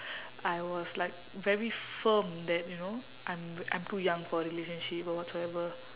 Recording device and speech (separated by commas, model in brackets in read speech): telephone, conversation in separate rooms